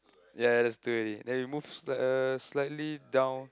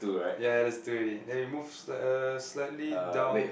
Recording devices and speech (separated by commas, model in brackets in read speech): close-talking microphone, boundary microphone, conversation in the same room